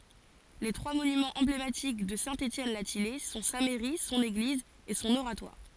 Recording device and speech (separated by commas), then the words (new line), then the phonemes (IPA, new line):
forehead accelerometer, read sentence
Les trois monuments emblématiques de Saint-Étienne-la-Thillaye sont sa mairie, son église et son oratoire.
le tʁwa monymɑ̃z ɑ̃blematik də sɛ̃ etjɛn la tijɛj sɔ̃ sa mɛʁi sɔ̃n eɡliz e sɔ̃n oʁatwaʁ